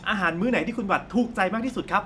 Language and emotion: Thai, happy